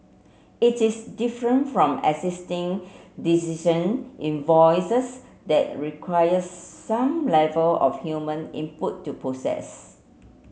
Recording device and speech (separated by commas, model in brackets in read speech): mobile phone (Samsung C7), read sentence